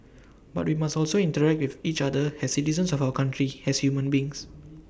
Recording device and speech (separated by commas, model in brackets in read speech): boundary microphone (BM630), read sentence